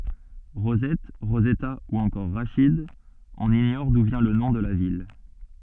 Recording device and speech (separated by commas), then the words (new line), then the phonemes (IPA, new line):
soft in-ear microphone, read sentence
Rosette, Rosetta ou encore Rachid, on ignore d’où vient le nom de la ville.
ʁozɛt ʁozɛta u ɑ̃kɔʁ ʁaʃid ɔ̃n iɲɔʁ du vjɛ̃ lə nɔ̃ də la vil